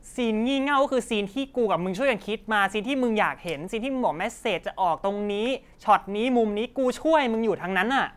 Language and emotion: Thai, angry